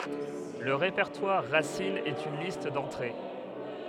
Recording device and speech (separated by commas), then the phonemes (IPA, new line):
headset microphone, read sentence
lə ʁepɛʁtwaʁ ʁasin ɛt yn list dɑ̃tʁe